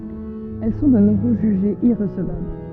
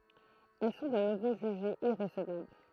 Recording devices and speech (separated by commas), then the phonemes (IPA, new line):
soft in-ear microphone, throat microphone, read sentence
ɛl sɔ̃ də nuvo ʒyʒez iʁəsəvabl